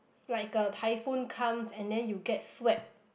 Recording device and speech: boundary microphone, conversation in the same room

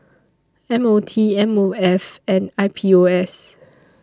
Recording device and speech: standing microphone (AKG C214), read sentence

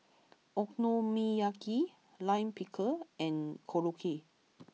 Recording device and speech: mobile phone (iPhone 6), read sentence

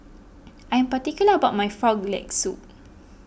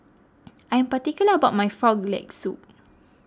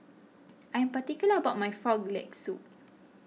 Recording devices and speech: boundary microphone (BM630), close-talking microphone (WH20), mobile phone (iPhone 6), read sentence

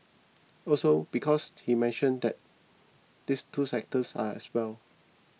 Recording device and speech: mobile phone (iPhone 6), read sentence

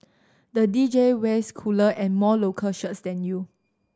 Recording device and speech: standing microphone (AKG C214), read sentence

